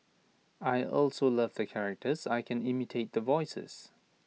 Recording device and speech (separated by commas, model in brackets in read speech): mobile phone (iPhone 6), read sentence